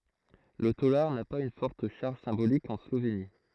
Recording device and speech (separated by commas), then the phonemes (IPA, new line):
throat microphone, read sentence
lə tolaʁ na paz yn fɔʁt ʃaʁʒ sɛ̃bolik ɑ̃ sloveni